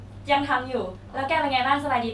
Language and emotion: Thai, happy